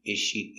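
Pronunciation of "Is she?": In 'is she', the two words are linked, and the z sound of 'is' is not heard.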